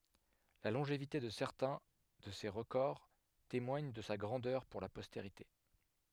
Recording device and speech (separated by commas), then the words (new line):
headset microphone, read sentence
La longévité de certains de ses records témoigne de sa grandeur pour la postérité.